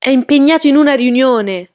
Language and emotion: Italian, angry